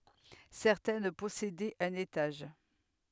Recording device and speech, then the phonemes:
headset microphone, read sentence
sɛʁtɛn pɔsedɛt œ̃n etaʒ

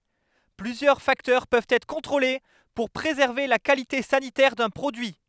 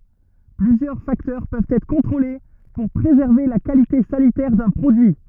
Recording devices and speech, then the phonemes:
headset microphone, rigid in-ear microphone, read sentence
plyzjœʁ faktœʁ pøvt ɛtʁ kɔ̃tʁole puʁ pʁezɛʁve la kalite sanitɛʁ dœ̃ pʁodyi

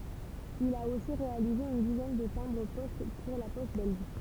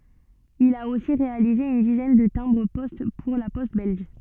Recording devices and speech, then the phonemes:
temple vibration pickup, soft in-ear microphone, read sentence
il a osi ʁealize yn dizɛn də tɛ̃bʁ pɔst puʁ la pɔst bɛlʒ

